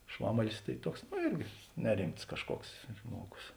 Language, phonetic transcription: Lithuanian, ˈšvamalis tai ˈtuoks ˈno ˈirgi neˈrimts kažˈkuoks ˈžmuoˌgus

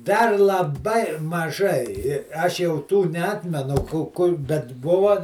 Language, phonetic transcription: Lithuanian, ˈdar laˈbai maˈžai i ˈaš jau ˈtų neˈatmenu ˈku ˈkur bet ˈbuva

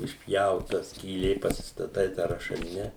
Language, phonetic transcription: Lithuanian, išˈpjauta skyˈlė pasistaˈtai tą rašaˈline

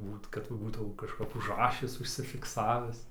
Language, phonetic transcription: Lithuanian, ˈbūt kad va ˈbūtau kažˈkap užˈrašis užsifikˈsavis

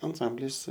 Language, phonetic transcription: Lithuanian, anˈsamblis

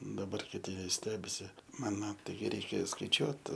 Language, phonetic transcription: Lithuanian, daˈbar kiˈti ˈvis ˈstebisi ˈmano ˈtai ˈreikia skaiˈčiuot

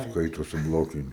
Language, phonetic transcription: Lithuanian, ˈskaitosi ˈblokiniu

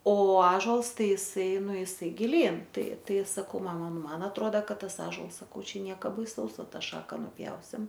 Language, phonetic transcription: Lithuanian, o ˈažols ˈtai iˈsai ˈnu iˈsai giˈlyn ˈtai ˈtai saˈkau ˈmama ˈnu ˈman atˈroda ˈkad ˈtas ˈąžuols saˈkau ˈčia ˈnieka baiˈsaus ˈva ˈtą ˈšaka nuˈpjausim

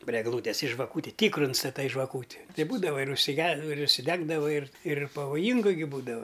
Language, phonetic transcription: Lithuanian, pri egˈlūtes i žvaˈkūti ˈtykru instaˈtai žvaˈkūti ˈtai ˈbūdava ir užsiˈge ir užsiˈdegdava ir ir pavoˈjyngu gi ˈbūdava

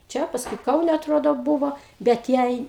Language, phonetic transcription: Lithuanian, ˈčia pasˈkui ˈkaune atˈrodo ˈbūvo bet ˈjai

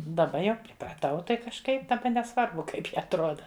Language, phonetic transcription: Lithuanian, daˈba jau pripraˈtau ˈtai kažˈkaip daˈba neˈsvarbu ˈkaip ji atˈroda

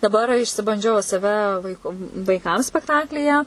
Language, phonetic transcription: Lithuanian, daˈbar išsibanˈdžiau saˈve vaiˈku vaiˈkam spekˈtaklyje

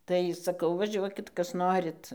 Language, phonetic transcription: Lithuanian, ˈtai saˈkau vaˈžiuokit ˈkas ˈnorit

